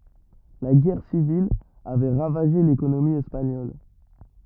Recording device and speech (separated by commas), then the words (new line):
rigid in-ear microphone, read sentence
La guerre civile avait ravagé l'économie espagnole.